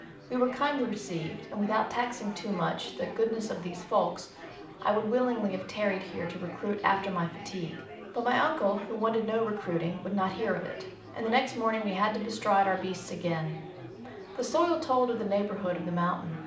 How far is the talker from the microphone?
2.0 m.